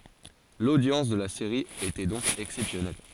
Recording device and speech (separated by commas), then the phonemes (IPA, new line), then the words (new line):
forehead accelerometer, read sentence
lodjɑ̃s də la seʁi etɛ dɔ̃k ɛksɛpsjɔnɛl
L'audience de la série était donc exceptionnelle.